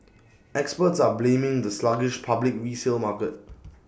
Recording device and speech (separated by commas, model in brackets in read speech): boundary microphone (BM630), read sentence